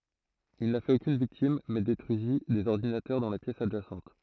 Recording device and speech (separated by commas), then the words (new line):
throat microphone, read sentence
Il n'a fait aucune victime mais détruisit des ordinateurs dans la pièce adjacente.